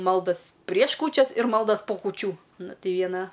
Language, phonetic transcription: Lithuanian, ˈmaldas prieš ˈkūčias ir ˈmaldas po kūˈčių ˈnu ˈtei ˈviena

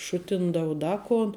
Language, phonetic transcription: Lithuanian, ˈšutindau ˈda kon

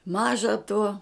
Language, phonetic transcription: Lithuanian, ˈmaža tuo

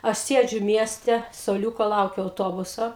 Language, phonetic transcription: Lithuanian, aš ˈsiedžiu ˈmieste suoˈliūko ˈlaukiu auˈtobuso

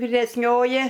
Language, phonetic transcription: Lithuanian, viresˈnioji

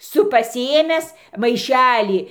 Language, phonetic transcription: Lithuanian, ˈsu pasiˈėmęs maiˈšelį

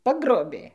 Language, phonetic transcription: Lithuanian, ˈpagrobė

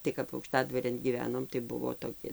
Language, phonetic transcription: Lithuanian, tai kap aukˈštadvarėn gyˈvenom tai ˈbuvo toˈki

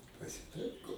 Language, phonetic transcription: Lithuanian, pasiˈtaiko

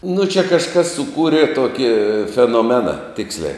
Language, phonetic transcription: Lithuanian, nu čia kažˈkas suˈkūrė ˈtoki fenoˈmena ˈtiksliai

